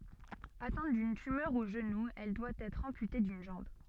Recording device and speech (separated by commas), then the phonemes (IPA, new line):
soft in-ear microphone, read sentence
atɛ̃t dyn tymœʁ o ʒənu ɛl dwa ɛtʁ ɑ̃pyte dyn ʒɑ̃b